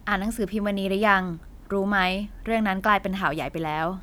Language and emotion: Thai, neutral